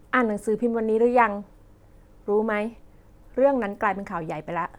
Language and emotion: Thai, neutral